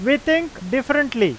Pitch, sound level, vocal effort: 275 Hz, 95 dB SPL, very loud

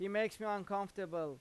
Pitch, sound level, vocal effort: 200 Hz, 94 dB SPL, loud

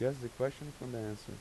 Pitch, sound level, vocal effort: 125 Hz, 87 dB SPL, normal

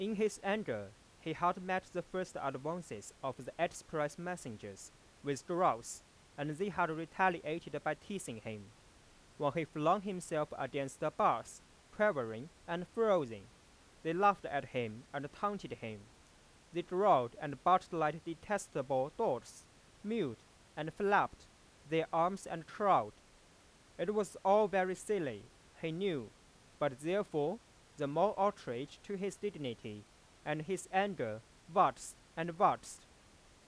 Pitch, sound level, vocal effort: 160 Hz, 94 dB SPL, loud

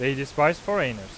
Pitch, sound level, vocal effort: 140 Hz, 94 dB SPL, loud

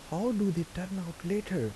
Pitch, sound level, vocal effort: 185 Hz, 80 dB SPL, soft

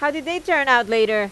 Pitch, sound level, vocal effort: 275 Hz, 95 dB SPL, loud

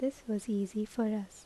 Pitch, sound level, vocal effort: 215 Hz, 75 dB SPL, soft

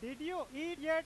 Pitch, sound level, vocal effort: 320 Hz, 102 dB SPL, very loud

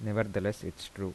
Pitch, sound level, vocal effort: 100 Hz, 79 dB SPL, soft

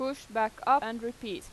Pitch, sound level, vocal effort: 235 Hz, 91 dB SPL, loud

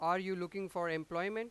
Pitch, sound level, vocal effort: 180 Hz, 98 dB SPL, very loud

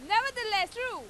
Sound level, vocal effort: 103 dB SPL, very loud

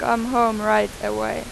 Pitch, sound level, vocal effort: 210 Hz, 93 dB SPL, very loud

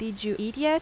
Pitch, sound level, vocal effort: 220 Hz, 86 dB SPL, normal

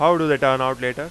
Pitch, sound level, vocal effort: 140 Hz, 98 dB SPL, very loud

